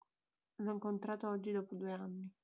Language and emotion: Italian, neutral